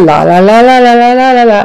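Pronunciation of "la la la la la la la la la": Each 'la' slides into the next one, legato, like a slur, not short, clipped staccato notes.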